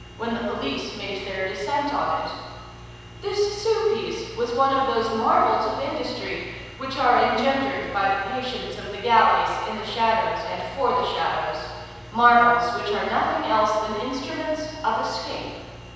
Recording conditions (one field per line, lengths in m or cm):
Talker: one person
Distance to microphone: 7.1 m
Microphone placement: far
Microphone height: 1.7 m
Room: very reverberant, large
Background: none